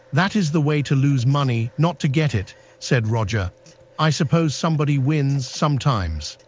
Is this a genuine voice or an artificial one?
artificial